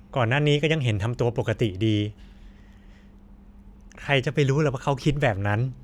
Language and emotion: Thai, frustrated